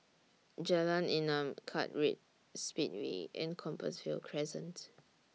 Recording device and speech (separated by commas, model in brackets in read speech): mobile phone (iPhone 6), read sentence